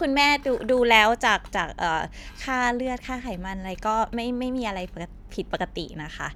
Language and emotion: Thai, neutral